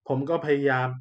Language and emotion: Thai, frustrated